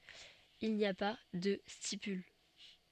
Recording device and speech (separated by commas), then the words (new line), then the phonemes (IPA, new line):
soft in-ear microphone, read sentence
Il n'y a pas de stipules.
il ni a pa də stipyl